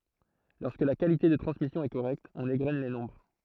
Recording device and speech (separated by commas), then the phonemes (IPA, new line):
throat microphone, read sentence
lɔʁskə la kalite də tʁɑ̃smisjɔ̃ ɛ koʁɛkt ɔ̃n eɡʁɛn le nɔ̃bʁ